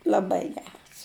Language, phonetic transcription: Lithuanian, laˈbai ˈgeras

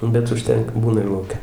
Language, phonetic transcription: Lithuanian, bet užˈtenka ˈbūna ir lauˈke

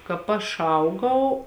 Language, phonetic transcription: Lithuanian, kāp ˈaš ˈaugau

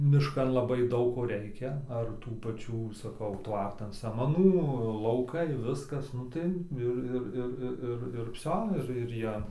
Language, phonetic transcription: Lithuanian, mišˈkan laˈbai ˈdaug ˈko ˈreikia ar ˈtų paˈčių saˈkau ˈtvartan samaˈnų lauˈkai ˈviskas ˈnu tai ˈir ˈir ˈir ˈir ˈir ˈir ˈvsio ˈir ir ˈjie

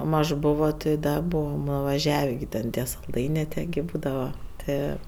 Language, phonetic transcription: Lithuanian, ˈmaž ˈbovo ti ˈda ˈbūvam nuvaˈževė gi ten ˈtie salˈdainė ˈtie gi ˈbūdava ˈtɜ

